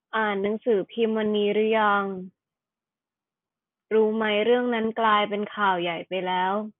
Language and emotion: Thai, frustrated